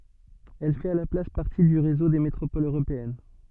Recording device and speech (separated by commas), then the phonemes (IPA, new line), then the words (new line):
soft in-ear microphone, read sentence
ɛl fɛt a la plas paʁti dy ʁezo de metʁopolz øʁopeɛn
Elle fait à la place partie du réseau des métropoles européennes.